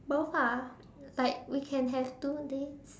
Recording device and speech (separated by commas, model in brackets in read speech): standing microphone, conversation in separate rooms